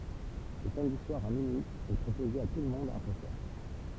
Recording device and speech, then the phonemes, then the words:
temple vibration pickup, read sentence
lə samdi swaʁ a minyi ɛ pʁopoze a tulmɔ̃d œ̃ kɔ̃sɛʁ
Le samedi soir à minuit est proposé à tout le monde un concert.

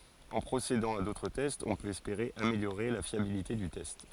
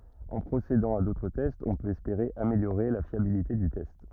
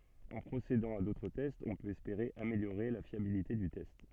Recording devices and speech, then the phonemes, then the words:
forehead accelerometer, rigid in-ear microphone, soft in-ear microphone, read sentence
ɑ̃ pʁosedɑ̃ a dotʁ tɛstz ɔ̃ pøt ɛspeʁe ameljoʁe la fjabilite dy tɛst
En procédant à d’autres tests, on peut espérer améliorer la fiabilité du test.

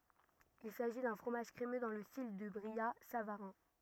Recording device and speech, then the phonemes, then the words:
rigid in-ear microphone, read sentence
il saʒi dœ̃ fʁomaʒ kʁemø dɑ̃ lə stil dy bʁijatsavaʁɛ̃
Il s'agit d'un fromage crémeux dans le style du brillat-savarin.

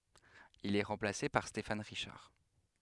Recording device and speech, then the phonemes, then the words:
headset microphone, read sentence
il ɛ ʁɑ̃plase paʁ stefan ʁiʃaʁ
Il est remplacé par Stéphane Richard.

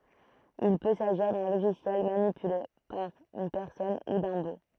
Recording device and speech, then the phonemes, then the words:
throat microphone, read sentence
il pø saʒiʁ dœ̃ loʒisjɛl manipyle paʁ yn pɛʁsɔn u dœ̃ bo
Il peut s'agir d'un logiciel manipulé par une personne, ou d'un bot.

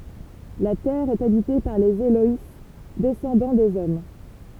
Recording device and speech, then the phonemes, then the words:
temple vibration pickup, read sentence
la tɛʁ ɛt abite paʁ lez elɔj dɛsɑ̃dɑ̃ dez ɔm
La Terre est habitée par les Éloïs, descendants des hommes.

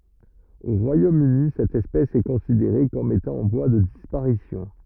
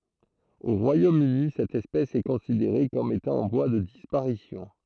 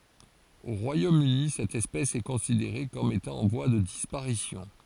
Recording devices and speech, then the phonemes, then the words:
rigid in-ear microphone, throat microphone, forehead accelerometer, read sentence
o ʁwajomøni sɛt ɛspɛs ɛ kɔ̃sideʁe kɔm etɑ̃ ɑ̃ vwa də dispaʁisjɔ̃
Au Royaume-Uni, cette espèce est considérée comme étant en voie de disparition.

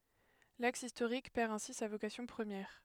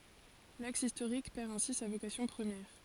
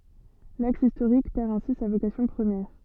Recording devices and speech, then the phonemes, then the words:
headset microphone, forehead accelerometer, soft in-ear microphone, read sentence
laks istoʁik pɛʁ ɛ̃si sa vokasjɔ̃ pʁəmjɛʁ
L'axe historique perd ainsi sa vocation première.

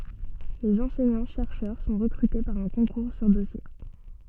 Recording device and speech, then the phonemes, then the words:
soft in-ear microphone, read sentence
lez ɑ̃sɛɲɑ̃tʃɛʁʃœʁ sɔ̃ ʁəkʁyte paʁ œ̃ kɔ̃kuʁ syʁ dɔsje
Les enseignants-chercheurs sont recrutés par un concours sur dossier.

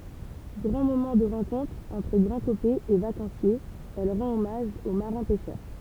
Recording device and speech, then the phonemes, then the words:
temple vibration pickup, read sentence
ɡʁɑ̃ momɑ̃ də ʁɑ̃kɔ̃tʁ ɑ̃tʁ ɡʁɑ̃dkopɛz e vakɑ̃sjez ɛl ʁɑ̃t ɔmaʒ o maʁɛ̃ pɛʃœʁ
Grand moment de rencontre entre Grandcopais et vacanciers, elle rend hommage aux marins pêcheurs.

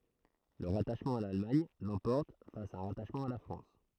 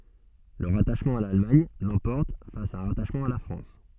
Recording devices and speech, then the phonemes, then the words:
throat microphone, soft in-ear microphone, read sentence
lə ʁataʃmɑ̃ a lalmaɲ lɑ̃pɔʁt fas a œ̃ ʁataʃmɑ̃ a la fʁɑ̃s
Le rattachement à l'Allemagne l'emporte face à un rattachement à la France.

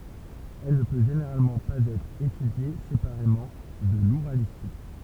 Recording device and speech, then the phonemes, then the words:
temple vibration pickup, read sentence
ɛl nə pø ʒeneʁalmɑ̃ paz ɛtʁ etydje sepaʁemɑ̃ də luʁalistik
Elle ne peut généralement pas être étudiée séparément de l'ouralistique.

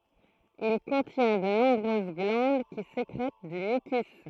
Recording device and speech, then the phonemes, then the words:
throat microphone, read sentence
il kɔ̃tjɛ̃ də nɔ̃bʁøz ɡlɑ̃d ki sekʁɛt dy mykys
Il contient de nombreuses glandes qui sécrètent du mucus.

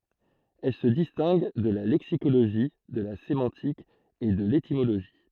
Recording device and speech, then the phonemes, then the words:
throat microphone, read sentence
ɛl sə distɛ̃ɡ də la lɛksikoloʒi də la semɑ̃tik e də letimoloʒi
Elle se distingue de la lexicologie, de la sémantique et de l'étymologie.

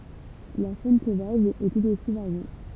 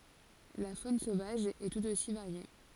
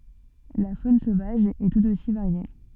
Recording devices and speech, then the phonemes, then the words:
temple vibration pickup, forehead accelerometer, soft in-ear microphone, read sentence
la fon sovaʒ ɛ tut osi vaʁje
La faune sauvage est tout aussi variée.

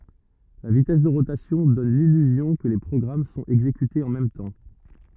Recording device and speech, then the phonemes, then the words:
rigid in-ear microphone, read sentence
la vitɛs də ʁotasjɔ̃ dɔn lilyzjɔ̃ kə le pʁɔɡʁam sɔ̃t ɛɡzekytez ɑ̃ mɛm tɑ̃
La vitesse de rotation donne l'illusion que les programmes sont exécutés en même temps.

